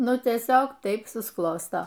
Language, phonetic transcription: Lithuanian, ˈnu tieˈsiog ˈtaip susˈklosto

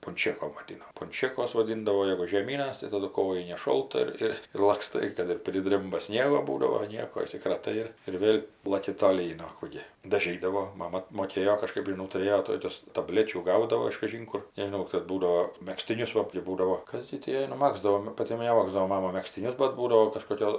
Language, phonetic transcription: Lithuanian, punˈčėkom vaˈdino punˈčėkos vaˈdindavo jegu žieˈmynas tai taˈdu ˈkojinės ˈšolta ir ˈir ir lakˈstai ˈkad ir priˈdrimba ˈsniego ˈbūdavo ˈnieko išsikraˈtai ir ir ˈvėl' laˈki toˈlyn o ˈkų gi daˈžydavo ˈmama moˈkėjo kažˈkɜp žiˈnau tuˈrėjo ˈtokius taˈblečių ˈgaudavo iš kaˈžinkur nežiˈnau kad ˈbūdavo megztiˈnius ˈva kɜp ˈbūdavo ˈkas gi ti ˈjai nuˈmagzdavo nu paˈti neˈmagzdavo ˈmama megztiˈnius bat ˈbūdavo kažkoˈkio

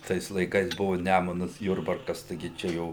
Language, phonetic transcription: Lithuanian, ˈtais laiˈkais ˈbuvu ˈnæmunas ˈjurbarkas taiˈgi ˈčia ˈjau

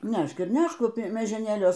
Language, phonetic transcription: Lithuanian, ˈnešk ir ˈnešk miežeˈnėliuos

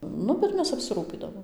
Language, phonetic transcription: Lithuanian, ˈnu bet ˈmes apsiˈrūpydavom

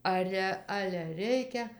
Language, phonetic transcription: Lithuanian, ˈare ˈale ˈreikia

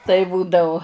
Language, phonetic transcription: Lithuanian, tai ˈbūdau

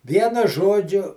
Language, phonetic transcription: Lithuanian, ˈvienu ˈžodžiu

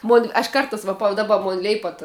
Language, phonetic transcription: Lithuanian, mon' aš ˈkartās va pa daˈba ˈmon ˈleipat

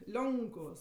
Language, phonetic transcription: Lithuanian, ˈlionkuvos

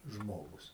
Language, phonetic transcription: Lithuanian, ˈžmogus

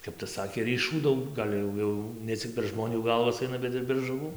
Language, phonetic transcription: Lithuanian, ˈkap tas ˈsakė ryˈšų ˈdaug ˈgal' jau ˈjau ne ˈcik per ˈžmonių ˈgalvas ˈaina ˈbet ir per žuˈvų

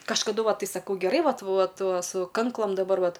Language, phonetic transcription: Lithuanian, kažkaˈdu ˈva ˈtai saˈkau geˈrai ˈvat ˈvat ˈva su ˈkanklam daˈbar ˈvat

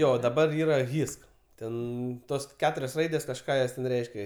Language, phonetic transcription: Lithuanian, ˈjo daˈbar ˈyra ˈhisk ˈten ˈtos ˈketurios ˈraidės kažˈką jos ten ˈreiškia

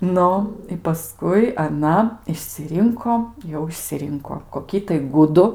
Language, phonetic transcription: Lithuanian, ˈnu i paˈskui aˈna išsiˈrinko ˈjau išsiˈrinko koˈkį tai ˈgudu

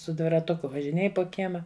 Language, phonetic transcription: Lithuanian, su dviraˈtuku važiˈnėj po ˈkiema

